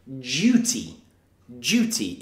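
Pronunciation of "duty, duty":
'Duty' is said twice in a British accent. The u sounds like 'you', with a y sound before the oo, not a plain oo.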